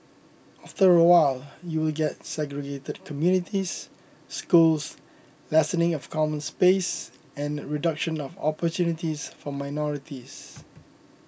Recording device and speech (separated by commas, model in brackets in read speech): boundary microphone (BM630), read sentence